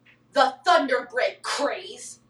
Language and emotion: English, disgusted